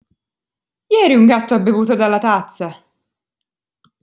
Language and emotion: Italian, surprised